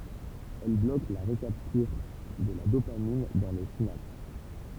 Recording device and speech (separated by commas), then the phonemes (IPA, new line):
temple vibration pickup, read sentence
ɛl blok la ʁəkaptyʁ də la dopamin dɑ̃ la sinaps